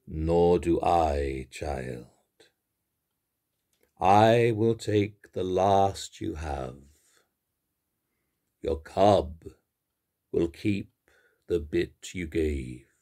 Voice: Deep-voiced